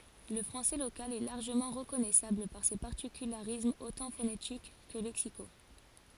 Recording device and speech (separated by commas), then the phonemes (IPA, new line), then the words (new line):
forehead accelerometer, read sentence
lə fʁɑ̃sɛ lokal ɛ laʁʒəmɑ̃ ʁəkɔnɛsabl paʁ se paʁtikylaʁismz otɑ̃ fonetik kə lɛksiko
Le français local est largement reconnaissable par ses particularismes autant phonétiques que lexicaux.